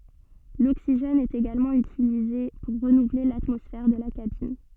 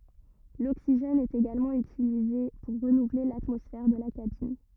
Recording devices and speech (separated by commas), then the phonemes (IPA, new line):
soft in-ear microphone, rigid in-ear microphone, read sentence
loksiʒɛn ɛt eɡalmɑ̃ ytilize puʁ ʁənuvle latmɔsfɛʁ də la kabin